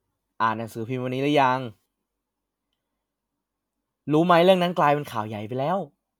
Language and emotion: Thai, happy